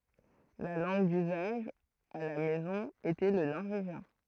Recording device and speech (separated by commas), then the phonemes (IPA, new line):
throat microphone, read sentence
la lɑ̃ɡ dyzaʒ a la mɛzɔ̃ etɛ lə nɔʁveʒjɛ̃